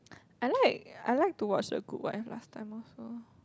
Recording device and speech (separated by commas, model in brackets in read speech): close-talking microphone, conversation in the same room